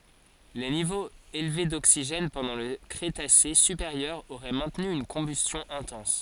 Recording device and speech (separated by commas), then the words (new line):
forehead accelerometer, read sentence
Les niveaux élevés d'oxygène pendant le Crétacé supérieur auraient maintenu une combustion intense.